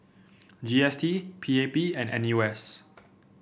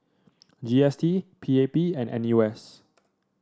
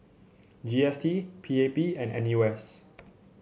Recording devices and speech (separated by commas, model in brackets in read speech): boundary microphone (BM630), standing microphone (AKG C214), mobile phone (Samsung C7), read sentence